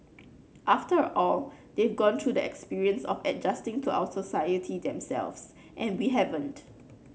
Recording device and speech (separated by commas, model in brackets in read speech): mobile phone (Samsung C9), read sentence